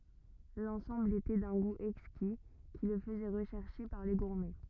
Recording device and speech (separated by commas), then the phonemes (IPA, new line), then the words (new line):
rigid in-ear microphone, read sentence
lɑ̃sɑ̃bl etɛ dœ̃ ɡu ɛkski ki lə fəzɛ ʁəʃɛʁʃe paʁ le ɡuʁmɛ
L'ensemble était d'un goût exquis qui le faisait rechercher par les gourmets.